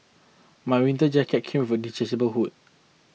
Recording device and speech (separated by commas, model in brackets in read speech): mobile phone (iPhone 6), read sentence